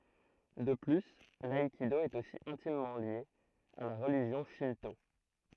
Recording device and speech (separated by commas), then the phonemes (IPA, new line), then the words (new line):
throat microphone, read sentence
də ply laikido ɛt osi ɛ̃timmɑ̃ lje a la ʁəliʒjɔ̃ ʃɛ̃to
De plus, l'aïkido est aussi intimement lié à la religion Shinto.